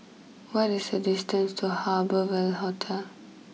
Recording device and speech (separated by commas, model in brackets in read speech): mobile phone (iPhone 6), read sentence